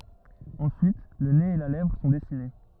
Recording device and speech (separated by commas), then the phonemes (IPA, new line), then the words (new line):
rigid in-ear microphone, read sentence
ɑ̃syit lə nez e la lɛvʁ sɔ̃ dɛsine
Ensuite, le nez et la lèvre sont dessinés.